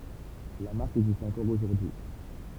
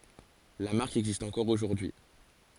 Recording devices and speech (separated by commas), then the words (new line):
temple vibration pickup, forehead accelerometer, read sentence
La marque existe encore aujourd'hui.